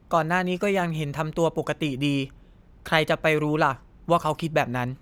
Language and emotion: Thai, neutral